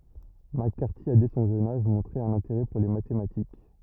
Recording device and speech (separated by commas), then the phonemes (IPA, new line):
rigid in-ear microphone, read sentence
mak kaʁti a dɛ sɔ̃ ʒøn aʒ mɔ̃tʁe œ̃n ɛ̃teʁɛ puʁ le matematik